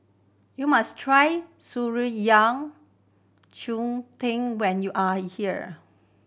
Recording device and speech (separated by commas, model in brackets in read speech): boundary microphone (BM630), read sentence